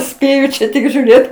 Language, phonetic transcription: Lithuanian, ˈspėju čia ˈtik žiūˈrėt

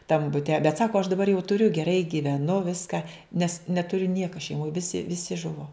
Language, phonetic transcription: Lithuanian, tam buˈte bet ˈsako aš daˈbar jau tuˈriu geˈrai gyveˈnu ˈviska nes netuˈriu ˈnieka šeiˈmoj ˈvisi ˈvisi ˈžuvo

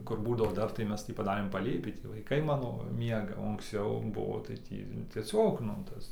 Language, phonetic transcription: Lithuanian, ˈkur ˈbūdavo ˈdar tai ˈmes tį paˈdarėm paˈlėpį ˈtį vaiˈkai ˈmano ˈmiega o anksˈciau ˈbuvo tai ˈtį tieˈsiog nu ˈtas

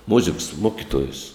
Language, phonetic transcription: Lithuanian, ˈmuziks ˈmokituojus

